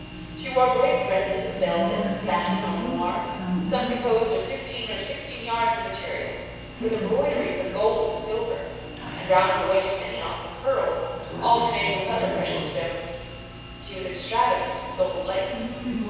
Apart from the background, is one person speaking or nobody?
One person.